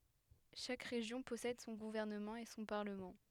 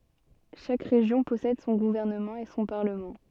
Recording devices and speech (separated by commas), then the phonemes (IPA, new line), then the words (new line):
headset microphone, soft in-ear microphone, read sentence
ʃak ʁeʒjɔ̃ pɔsɛd sɔ̃ ɡuvɛʁnəmɑ̃ e sɔ̃ paʁləmɑ̃
Chaque région possède son gouvernement et son parlement.